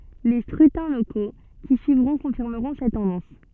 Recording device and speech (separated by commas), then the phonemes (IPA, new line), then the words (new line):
soft in-ear microphone, read sentence
le skʁytɛ̃ loko ki syivʁɔ̃ kɔ̃fiʁməʁɔ̃ sɛt tɑ̃dɑ̃s
Les scrutins locaux qui suivront confirmeront cette tendance.